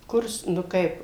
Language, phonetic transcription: Lithuanian, ˈkurs nu ˈkaip

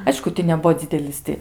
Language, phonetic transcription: Lithuanian, ˈaišku ti neˈbuo ˈdzidelis ti

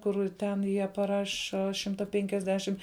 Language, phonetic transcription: Lithuanian, ˈkur ˈten ˈjie paˈraša ˈšimta penkiasˈdešim

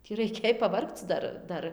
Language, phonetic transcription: Lithuanian, tį raiˈkėj paˈvargc ˈdar ˈdar

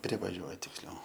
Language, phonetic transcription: Lithuanian, ˈprivaˈžiuoja tiksˈliau

